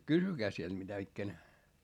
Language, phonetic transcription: Finnish, kysykää siel mitä ikkänä .
- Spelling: kysykää siellä mitä ikänä

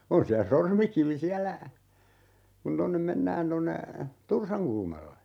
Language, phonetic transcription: Finnish, 'on siä "Sormikivi 'siällä , kun 'tonnem "mennään tonne , "Tursaŋkulmalle .
- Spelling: on siellä Sormikivi siellä kun tuonne mennään tuonne Tursankulmalle

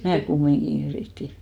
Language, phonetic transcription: Finnish, "mää 'kummiŋɢin ‿yrìti .
- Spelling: minä kumminkin yritin

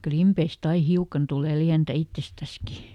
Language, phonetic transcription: Finnish, "klimpeist ‿ai ˈhiukan tule ˈliäntä "ittestäski .
- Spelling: klimpeistä aina hiukan tulee lientä itsestäänkin

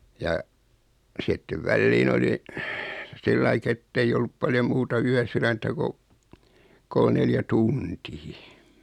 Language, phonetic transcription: Finnish, ja , sittev 'välliin ‿oli , 'sillaik ‿etteij ‿ollup paljo 'muuta 'yäsyräntä ko , 'kol neljä 'tuntii .
- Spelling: ja sitten väliin oli sillä lailla että ei ollut paljon muuta yösydäntä kun kolme neljä tuntia

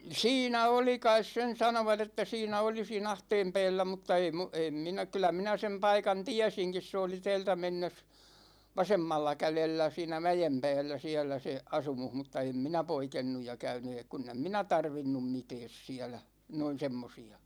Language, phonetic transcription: Finnish, siinä oli 'kais sen 'sanovat ‿että 'siinä oli sii'n ‿ahteem 'pɛɛllä mutta ei mu- , 'em minä , kylä 'minä sem 'paikan "tiäsiŋkis se oli 'tɛɛltä mennes , 'vasemmalla 'kälellä 'siinä "mäjem 'pä̭ä̭llä 'siäl̆lä se , "asumuh mutta 'em "minä 'poikennuj ja 'käyny ee- , kunn ‿em "minä 'tarvinnum 'mitɛɛs siälä , noin̬ 'semmosi₍a .
- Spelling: siinä oli kai sen sanoivat että siinä oli siinä ahteen päällä mutta ei - en minä kyllä minä sen paikan tiesinkin se oli täältä mennessä vasemmalla kädellä siinä mäen päällä siellä se asumus mutta en minä poikennut ja käynyt - kun en minä tarvinnut mitään siellä noin semmoisia

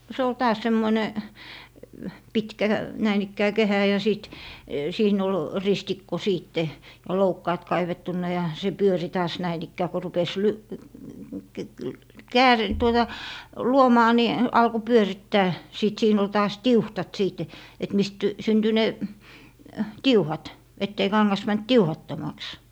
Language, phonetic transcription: Finnish, no se ol 'taas 'semmone , 'pitkä , 'näin ‿ikkää "kehä ja 'sìt , 'siin ‿ol "ristikko 'siitte , ja "loukkaat 'kaivettunna , ja se 'pyöri taas 'näin ‿ikkää ko 'rupes ly- , (--) "kääri- , tuota , "luomaa ni , 'alko "pyörittää , 'sìt 'siin ‿ol taas "tiuhtat 'sìt , et mist , synty 'ne , "tiuhat , ettei 'kaŋŋas mänt "tiuhattomaks .
- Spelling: no se oli taas semmoinen pitkä näin ikään kehä ja sitten siinä oli ristikko sitten ja loukkaat kaivettuna ja se pyöri taas näin ikään kun rupesi - - - tuota luomaan niin alkoi pyörittää sitten siinä oli taas tiuhdat sitten että mistä syntyi ne tiuhdat että ei kangas mennyt tiuhdattomaksi

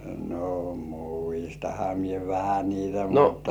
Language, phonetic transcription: Finnish, no "muistaha mie 'vähä 'niitä "mutta .
- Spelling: no muistanhan minä vähän niitä mutta

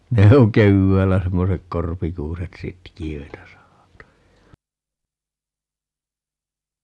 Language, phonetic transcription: Finnish, 'ne oŋ 'kevväällä 'semmosek "korpikuuset "sitki₍öitä 'sahata .
- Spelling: ne on keväällä semmoiset korpikuuset sitkeitä sahata

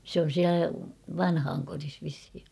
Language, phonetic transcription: Finnish, sᵉ ‿on̬ 'siälä "vanhaaŋkoris vishi .
- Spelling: se on siellä vanhainkodissa vissiin

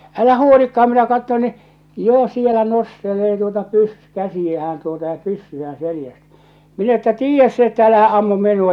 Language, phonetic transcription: Finnish, 'älä 'huolikkaham minä katton ni , 'jo sielä 'nostelee tuota 'pys- , 'käsijähän tuota ja 'pyssy₍ään̬ 'selⁱjäst , minä että » "tiijjäs se että 'älähä 'ammum 'min̆nua ! «
- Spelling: älä huolikaan minä katson niin jo siellä nostelee tuota - käsiään tuota ja pyssyään selästä minä että tiedä se että älähän ammu minua

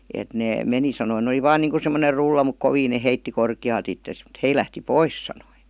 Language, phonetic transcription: Finnish, et nee 'meni sanoⁱ 'ne » oli "vaan niiŋku 'semmoner 'rulla muk "koviin ne 'heitti "korki₍aalt ittes m̥t 'hei lähti "pois « sanoi .
- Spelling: että ne meni sanoi ne oli vain niin kuin semmoinen rulla mutta kovin ne heitti korkealta itsensä mutta he lähti pois sanoi

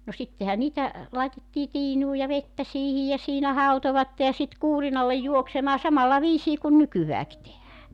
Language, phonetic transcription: Finnish, no 'sittehä niitä , 'làetettii "tiinuu ja "vettä 'siihij ja 'siinä 'hautovatte ja sit "kuurinallej 'juoksemaa 'samalla 'viisii kun "nykyvääki tehää .
- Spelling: no sittenhän niitä laitettiin tiinuun ja vettä siihen ja siinä hautoivat ja sitten kuurinalle juoksemaan samalla viisiin kuin nykyäänkin tehdään

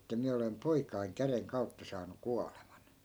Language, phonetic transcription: Finnish, että 'miä olem 'poikaiŋ 'käreŋ 'kau̬tta saanu "kualeman » .
- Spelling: että minä olen poikani käden kautta saanut kuoleman

